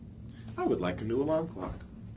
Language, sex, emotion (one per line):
English
male
neutral